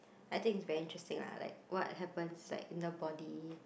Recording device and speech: boundary microphone, conversation in the same room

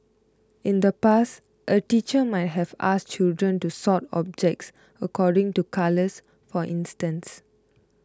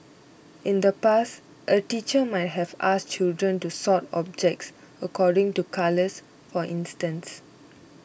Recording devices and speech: close-talking microphone (WH20), boundary microphone (BM630), read sentence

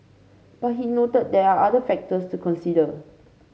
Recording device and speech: mobile phone (Samsung C5), read sentence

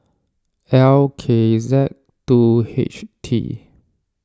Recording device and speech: standing microphone (AKG C214), read sentence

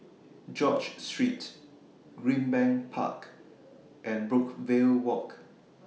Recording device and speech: mobile phone (iPhone 6), read sentence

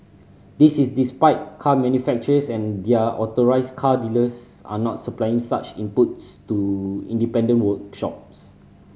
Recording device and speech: mobile phone (Samsung C5010), read sentence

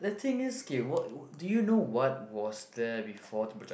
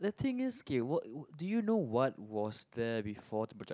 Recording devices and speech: boundary microphone, close-talking microphone, conversation in the same room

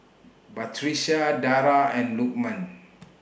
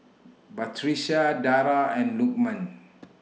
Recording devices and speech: boundary microphone (BM630), mobile phone (iPhone 6), read sentence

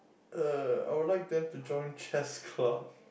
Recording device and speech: boundary microphone, conversation in the same room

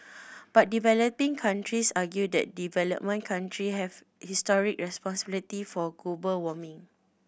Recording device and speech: boundary microphone (BM630), read sentence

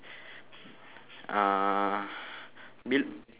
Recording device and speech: telephone, conversation in separate rooms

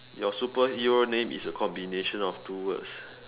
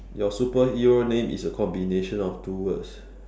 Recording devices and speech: telephone, standing microphone, conversation in separate rooms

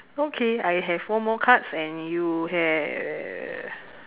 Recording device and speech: telephone, conversation in separate rooms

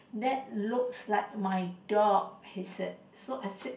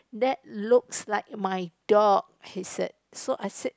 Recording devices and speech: boundary microphone, close-talking microphone, conversation in the same room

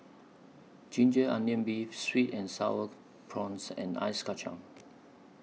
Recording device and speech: mobile phone (iPhone 6), read sentence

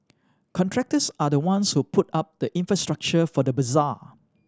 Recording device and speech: standing microphone (AKG C214), read sentence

